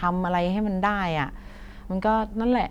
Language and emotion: Thai, frustrated